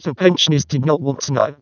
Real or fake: fake